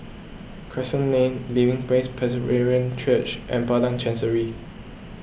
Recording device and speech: boundary microphone (BM630), read sentence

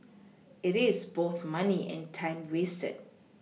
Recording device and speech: mobile phone (iPhone 6), read sentence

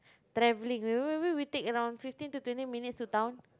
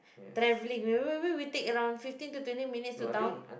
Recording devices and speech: close-talking microphone, boundary microphone, conversation in the same room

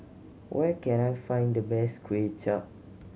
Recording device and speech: mobile phone (Samsung C7100), read sentence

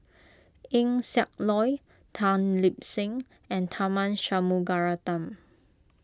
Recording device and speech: close-talking microphone (WH20), read sentence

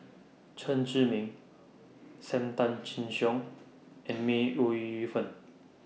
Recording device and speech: mobile phone (iPhone 6), read sentence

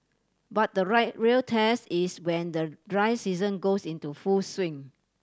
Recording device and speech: standing microphone (AKG C214), read sentence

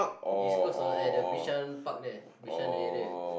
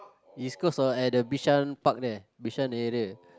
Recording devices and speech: boundary microphone, close-talking microphone, conversation in the same room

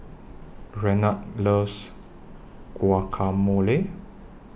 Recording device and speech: boundary microphone (BM630), read sentence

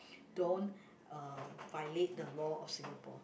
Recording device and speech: boundary microphone, conversation in the same room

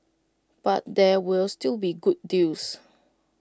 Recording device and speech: close-talking microphone (WH20), read sentence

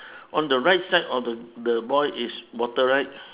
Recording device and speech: telephone, conversation in separate rooms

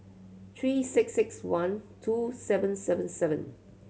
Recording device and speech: mobile phone (Samsung C7100), read sentence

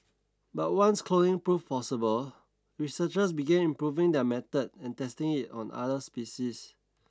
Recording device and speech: standing microphone (AKG C214), read sentence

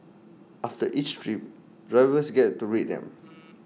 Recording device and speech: mobile phone (iPhone 6), read sentence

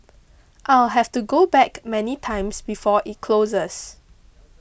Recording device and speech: boundary microphone (BM630), read sentence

